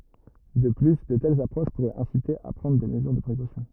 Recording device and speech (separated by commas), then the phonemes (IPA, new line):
rigid in-ear microphone, read sentence
də ply də tɛlz apʁoʃ puʁɛt ɛ̃site a pʁɑ̃dʁ de məzyʁ də pʁekosjɔ̃